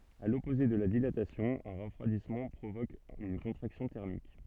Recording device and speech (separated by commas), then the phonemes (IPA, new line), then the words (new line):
soft in-ear microphone, read sentence
a lɔpoze də la dilatasjɔ̃ œ̃ ʁəfʁwadismɑ̃ pʁovok yn kɔ̃tʁaksjɔ̃ tɛʁmik
À l'opposé de la dilatation, un refroidissement provoque une contraction thermique.